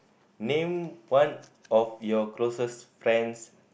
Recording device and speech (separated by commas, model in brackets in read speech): boundary microphone, conversation in the same room